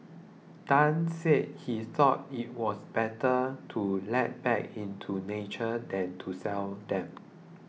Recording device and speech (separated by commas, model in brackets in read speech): mobile phone (iPhone 6), read sentence